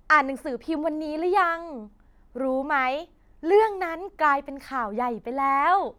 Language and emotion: Thai, happy